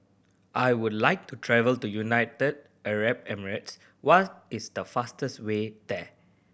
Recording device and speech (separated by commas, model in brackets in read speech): boundary microphone (BM630), read sentence